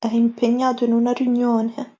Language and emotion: Italian, fearful